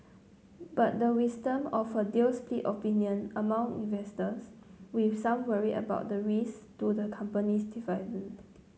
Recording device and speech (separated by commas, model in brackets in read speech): mobile phone (Samsung C9), read sentence